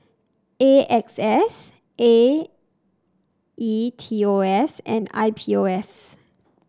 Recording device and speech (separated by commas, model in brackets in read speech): standing microphone (AKG C214), read sentence